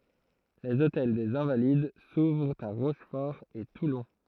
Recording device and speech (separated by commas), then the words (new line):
throat microphone, read sentence
Les Hôtels des Invalides s'ouvrent à Rochefort et Toulon.